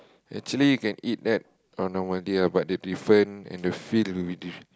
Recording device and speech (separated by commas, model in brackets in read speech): close-talking microphone, conversation in the same room